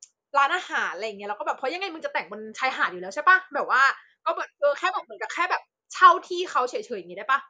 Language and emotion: Thai, happy